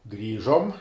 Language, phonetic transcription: Lithuanian, ˈgrįžom

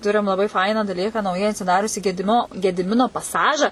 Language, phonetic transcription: Lithuanian, ˈturim laˈbai ˈfainą daˈlyką nauˈjai atsiˈdariusį gediˈmino gediˈmino paˈsaža

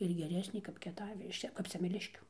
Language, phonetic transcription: Lithuanian, ir geˈresnė kap kieˈtavi iš ˈčia kap semeˈliškių

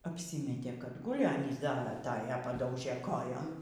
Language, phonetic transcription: Lithuanian, apˈsymetė kad ˈguli ˈanys ˈda aˈtaja paˈdaužė ˈkojom

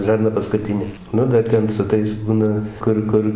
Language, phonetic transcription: Lithuanian, žarˈna paskuˈtinė ˈnu dar ˈten su ˈtais ˈbūna ˈkur ˈkur

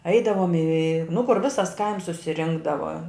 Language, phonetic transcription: Lithuanian, ˈeidavom į nu kur ˈvisas kaims susiˈrinkdava

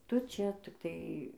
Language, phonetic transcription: Lithuanian, ˈtu ˈčia tikˈtai

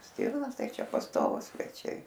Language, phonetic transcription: Lithuanian, ˈstyrnos ˈtai ˈčia pasˈtovūs sveˈčiai

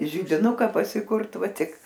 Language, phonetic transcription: Lithuanian, židiˈnuka pasikurt ˈva ˈtik

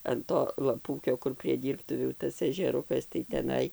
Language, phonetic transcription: Lithuanian, an ˈto laˈpūkio kur prie ˈdyrbtuvių ˈtas ežeˈrukas tai teˈnai

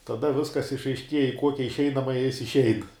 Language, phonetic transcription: Lithuanian, taˈda ˈviskas išaišˈkieja i ˈkuokia išˈeinamaja ˈjis išˈein

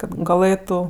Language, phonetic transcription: Lithuanian, kad gaˈlɘtu

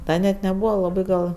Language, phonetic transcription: Lithuanian, ˈda net neˈbūva laˈbɜ gal

